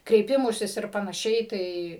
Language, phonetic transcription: Lithuanian, kreiˈpimusis ir panaˈšiai ˈtai

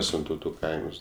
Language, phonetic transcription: Lithuanian, ˈsintautu ˈkaims

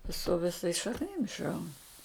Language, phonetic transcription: Lithuanian, su viˈsais šakˈnim išˈraun

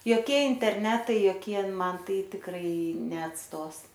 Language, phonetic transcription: Lithuanian, joˈkie interˈnetai joˈkie ˈman ˈtai tikˈrai neatˈstos

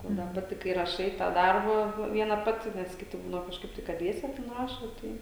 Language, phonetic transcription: Lithuanian, ˈo da ˈpati kai raˈšai tą ˈdarbą ˈviena ˈpati ˈnes ˈkiti ˈbūdavo kažˈkaip tai kad ˈdviese ten ˈrašo ˈtai

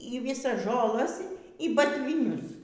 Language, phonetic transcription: Lithuanian, y ˈvisas žoˈlas y batvyˈnius

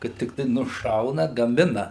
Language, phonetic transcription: Lithuanian, kad tikˈtai nuˈšauna gaˈmina

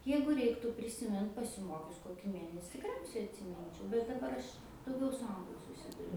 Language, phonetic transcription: Lithuanian, ˈjeigu ˈreiktų prisiˈmint pasiˈmokius ˈkokį ˈmėnesi tikˈriausiai atsiˈminčiau bet daˈbar ˈaš dauˈgiau su ˈanglu suˈsiduriu

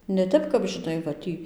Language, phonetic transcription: Lithuanian, ne ˈtep kap žiˈnai va ˈtį

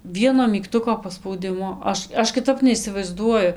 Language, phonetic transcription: Lithuanian, ˈvieno mygˈtuko paspauˈdimu ˈaš ˈaš kiˈtap neisivaizˈduoju

